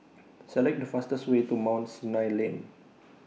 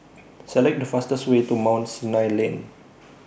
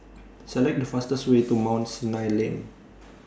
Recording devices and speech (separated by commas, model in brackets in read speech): mobile phone (iPhone 6), boundary microphone (BM630), standing microphone (AKG C214), read sentence